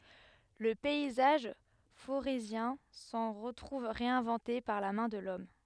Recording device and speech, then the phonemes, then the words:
headset microphone, read sentence
lə pɛizaʒ foʁezjɛ̃ sɑ̃ ʁətʁuv ʁeɛ̃vɑ̃te paʁ la mɛ̃ də lɔm
Le paysage forézien s'en retrouve réinventé par la main de l'homme.

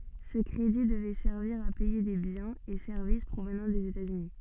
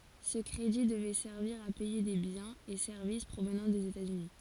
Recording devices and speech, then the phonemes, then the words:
soft in-ear microphone, forehead accelerometer, read sentence
sə kʁedi dəvɛ sɛʁviʁ a pɛje de bjɛ̃z e sɛʁvis pʁovnɑ̃ dez etatsyni
Ce crédit devait servir à payer des biens et services provenant des États-Unis.

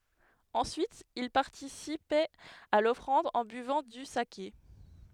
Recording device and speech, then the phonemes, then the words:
headset microphone, read sentence
ɑ̃syit il paʁtisipɛt a lɔfʁɑ̃d ɑ̃ byvɑ̃ dy sake
Ensuite, ils participaient à l’offrande en buvant du saké.

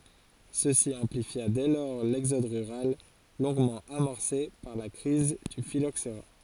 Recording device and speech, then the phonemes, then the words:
forehead accelerometer, read sentence
səsi ɑ̃plifja dɛ lɔʁ lɛɡzɔd ʁyʁal lɔ̃ɡmɑ̃ amɔʁse paʁ la kʁiz dy filoksʁa
Ceci amplifia dès lors l'exode rural, longuement amorcé par la crise du phylloxera.

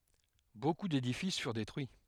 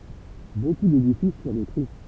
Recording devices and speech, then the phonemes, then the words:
headset microphone, temple vibration pickup, read sentence
boku dedifis fyʁ detʁyi
Beaucoup d'édifices furent détruits.

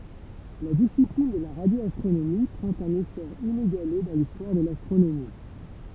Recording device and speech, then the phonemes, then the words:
temple vibration pickup, read sentence
la disiplin də la ʁadjoastʁonomi pʁɑ̃t œ̃n esɔʁ ineɡale dɑ̃ listwaʁ də lastʁonomi
La discipline de la radioastronomie prend un essor inégalé dans l'histoire de l'astronomie.

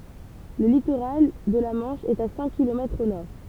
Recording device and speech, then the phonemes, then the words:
temple vibration pickup, read sentence
lə litoʁal də la mɑ̃ʃ ɛt a sɛ̃k kilomɛtʁz o nɔʁ
Le littoral de la Manche est à cinq kilomètres au nord.

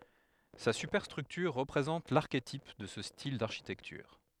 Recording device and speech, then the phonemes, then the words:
headset microphone, read sentence
sa sypɛʁstʁyktyʁ ʁəpʁezɑ̃t laʁketip də sə stil daʁʃitɛktyʁ
Sa superstructure représente l'archétype de ce style d'architecture.

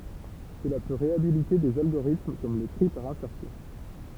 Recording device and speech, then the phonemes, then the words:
temple vibration pickup, read sentence
səla pø ʁeabilite dez alɡoʁitm kɔm lə tʁi paʁ ɛ̃sɛʁsjɔ̃
Cela peut réhabiliter des algorithmes comme le tri par insertion.

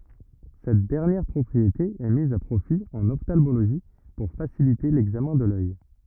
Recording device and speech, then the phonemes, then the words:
rigid in-ear microphone, read sentence
sɛt dɛʁnjɛʁ pʁɔpʁiete ɛ miz a pʁofi ɑ̃n ɔftalmoloʒi puʁ fasilite lɛɡzamɛ̃ də lœj
Cette dernière propriété est mise à profit en ophtalmologie pour faciliter l'examen de l'œil.

